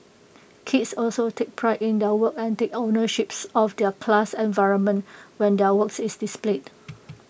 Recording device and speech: boundary microphone (BM630), read sentence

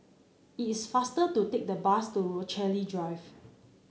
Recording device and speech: mobile phone (Samsung C9), read sentence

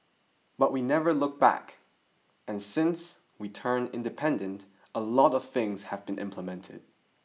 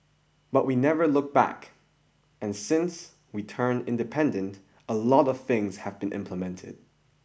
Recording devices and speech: mobile phone (iPhone 6), boundary microphone (BM630), read sentence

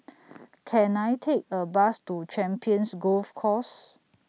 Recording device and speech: mobile phone (iPhone 6), read sentence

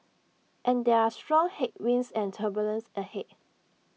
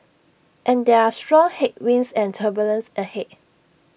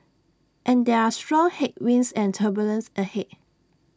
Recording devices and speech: mobile phone (iPhone 6), boundary microphone (BM630), standing microphone (AKG C214), read sentence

